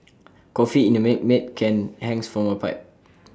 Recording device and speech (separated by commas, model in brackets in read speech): standing microphone (AKG C214), read sentence